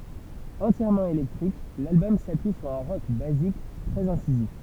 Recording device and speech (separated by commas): temple vibration pickup, read sentence